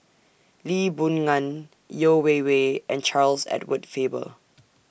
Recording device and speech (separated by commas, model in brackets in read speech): boundary microphone (BM630), read sentence